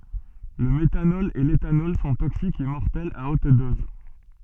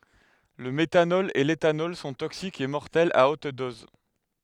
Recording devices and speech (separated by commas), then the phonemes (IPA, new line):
soft in-ear microphone, headset microphone, read sentence
lə metanɔl e letanɔl sɔ̃ toksikz e mɔʁtɛlz a ot dɔz